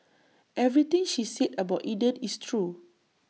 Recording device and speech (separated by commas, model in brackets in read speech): mobile phone (iPhone 6), read sentence